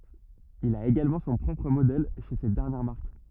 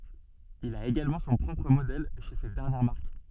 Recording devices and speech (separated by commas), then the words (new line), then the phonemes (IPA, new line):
rigid in-ear microphone, soft in-ear microphone, read sentence
Il a également son propre modèle chez cette dernière marque.
il a eɡalmɑ̃ sɔ̃ pʁɔpʁ modɛl ʃe sɛt dɛʁnjɛʁ maʁk